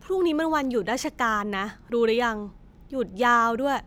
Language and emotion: Thai, frustrated